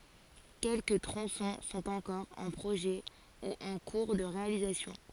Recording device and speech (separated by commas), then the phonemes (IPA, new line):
forehead accelerometer, read sentence
kɛlkə tʁɔ̃sɔ̃ sɔ̃t ɑ̃kɔʁ ɑ̃ pʁoʒɛ u ɑ̃ kuʁ də ʁealizasjɔ̃